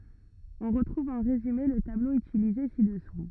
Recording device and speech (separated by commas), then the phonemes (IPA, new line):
rigid in-ear microphone, read sentence
ɔ̃ ʁətʁuv ɑ̃ ʁezyme lə tablo ytilize sidɛsu